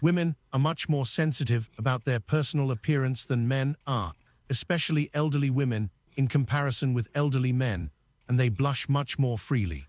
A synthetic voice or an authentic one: synthetic